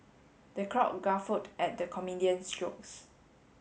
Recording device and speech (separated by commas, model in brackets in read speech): mobile phone (Samsung S8), read sentence